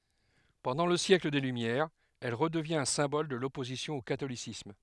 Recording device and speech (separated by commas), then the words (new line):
headset microphone, read sentence
Pendant le siècle des Lumières, elle redevient un symbole de l'opposition au catholicisme.